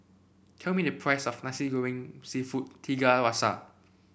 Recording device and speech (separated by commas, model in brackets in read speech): boundary microphone (BM630), read sentence